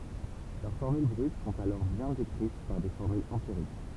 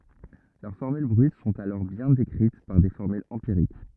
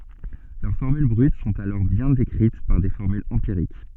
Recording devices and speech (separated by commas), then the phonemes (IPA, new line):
temple vibration pickup, rigid in-ear microphone, soft in-ear microphone, read sentence
lœʁ fɔʁmyl bʁyt sɔ̃t alɔʁ bjɛ̃ dekʁit paʁ de fɔʁmylz ɑ̃piʁik